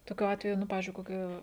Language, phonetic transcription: Lithuanian, toˈkiu ˈatveju ˈnu ˈpavizdžiui koˈki

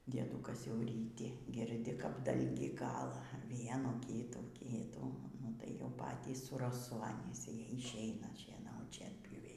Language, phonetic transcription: Lithuanian, dieˈdūkas jau ryˈti girˈdi kap ˈdalgį ˈkala ˈvienų ˈkytų ˈkytų ˈnu tai jau ˈpatys su raˈsu anys i išˈeina šieˈnaut šienpjūˈviai

